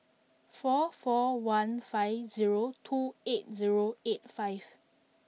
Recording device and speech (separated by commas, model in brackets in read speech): mobile phone (iPhone 6), read sentence